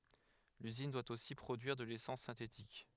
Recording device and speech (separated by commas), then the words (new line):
headset microphone, read sentence
L'usine doit aussi produire de l'essence synthétique.